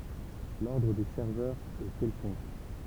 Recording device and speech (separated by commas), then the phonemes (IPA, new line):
temple vibration pickup, read sentence
lɔʁdʁ de sɛʁvœʁz ɛ kɛlkɔ̃k